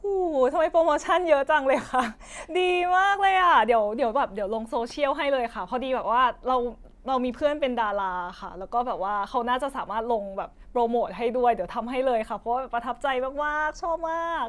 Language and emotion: Thai, happy